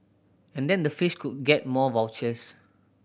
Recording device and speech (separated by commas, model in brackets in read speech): boundary microphone (BM630), read sentence